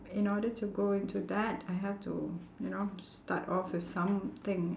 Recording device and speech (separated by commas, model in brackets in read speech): standing microphone, conversation in separate rooms